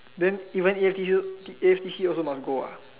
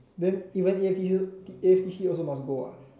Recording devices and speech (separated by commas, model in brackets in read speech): telephone, standing microphone, conversation in separate rooms